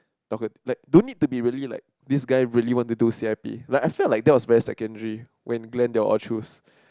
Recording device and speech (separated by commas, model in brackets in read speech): close-talking microphone, conversation in the same room